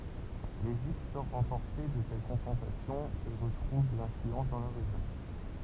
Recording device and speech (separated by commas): temple vibration pickup, read sentence